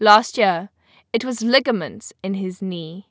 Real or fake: real